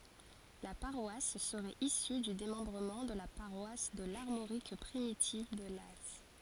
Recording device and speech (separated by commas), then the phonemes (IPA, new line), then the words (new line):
forehead accelerometer, read sentence
la paʁwas səʁɛt isy dy demɑ̃bʁəmɑ̃ də la paʁwas də laʁmoʁik pʁimitiv də laz
La paroisse serait issue du démembrement de la paroisse de l'Armorique primitive de Laz.